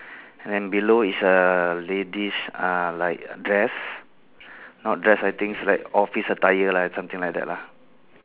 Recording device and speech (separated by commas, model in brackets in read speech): telephone, conversation in separate rooms